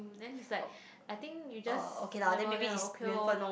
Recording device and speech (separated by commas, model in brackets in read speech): boundary microphone, conversation in the same room